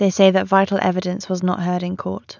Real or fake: real